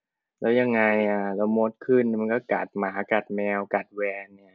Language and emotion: Thai, frustrated